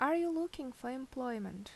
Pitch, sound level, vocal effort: 260 Hz, 80 dB SPL, normal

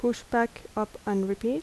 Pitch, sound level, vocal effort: 235 Hz, 78 dB SPL, soft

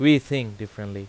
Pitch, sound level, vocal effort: 110 Hz, 91 dB SPL, very loud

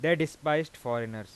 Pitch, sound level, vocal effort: 150 Hz, 94 dB SPL, loud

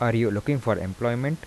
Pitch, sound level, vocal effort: 120 Hz, 82 dB SPL, soft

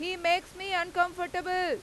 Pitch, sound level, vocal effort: 355 Hz, 99 dB SPL, very loud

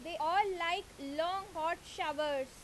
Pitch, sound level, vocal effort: 330 Hz, 92 dB SPL, very loud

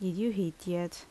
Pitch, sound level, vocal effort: 180 Hz, 75 dB SPL, normal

